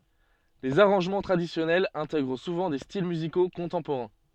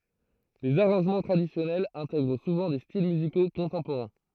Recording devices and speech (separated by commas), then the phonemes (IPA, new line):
soft in-ear microphone, throat microphone, read sentence
lez aʁɑ̃ʒmɑ̃ tʁadisjɔnɛlz ɛ̃tɛɡʁ suvɑ̃ de stil myziko kɔ̃tɑ̃poʁɛ̃